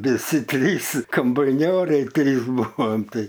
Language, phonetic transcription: Lithuanian, viˈsi ˈtrys kombaiˈnioriai ˈtrys ˈbuvom ˈtai

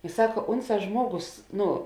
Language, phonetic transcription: Lithuanian, i ˈsaka ˈunˌsā ˈžmuoˌgos ˈnu

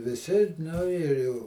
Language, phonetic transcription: Lithuanian, viˈsi nu ir jau

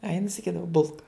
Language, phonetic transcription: Lithuanian, a jin saˈkydava ˈbulka

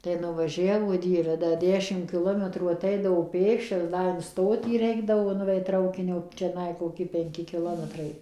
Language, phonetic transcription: Lithuanian, tai nuvaˈžiavo ˈdieve da ˈdešim kiˈlometrų aˈteidavo ˈpėkščias ˈda in ˈstotį ˈreikdavo nuˈveit ˈtraukinio čiaˈnai koˈki penˈki kiˈlometrai

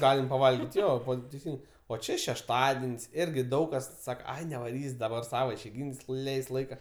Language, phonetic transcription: Lithuanian, ˈgalim paˈvalgit' ˈjo ˈvat teiˈsin o ˈčė šešˈtaden's' ˈirgi ˈdaug kas ˈsaka nevaˈrys' daˈbar ˈsava išeiˈgyn's' ˈleis't'ˈ laika

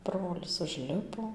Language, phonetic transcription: Lithuanian, ˈbrolis užˈlipo

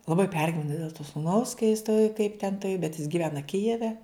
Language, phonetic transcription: Lithuanian, laˈbai ˈpergivena dėl to suˈnaus ka jis ˈtoj kaip ten ˈtai bet jis giˈvena ˈkijeve

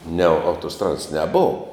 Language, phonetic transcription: Lithuanian, ne autoˈstradas neˈbov

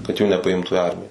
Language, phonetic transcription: Lithuanian, kad ˈjų nepaˈimtu i ˈarmija

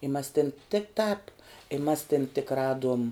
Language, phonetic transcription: Lithuanian, i mas tin tik tāp i mas tin tik ˈraduom

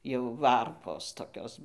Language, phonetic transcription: Lithuanian, jau ˈvarpos toˈkios

